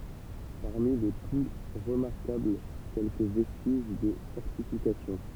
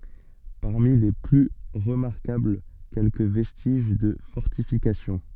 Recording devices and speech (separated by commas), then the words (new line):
temple vibration pickup, soft in-ear microphone, read sentence
Parmi les plus remarquables, quelques vestiges de fortifications.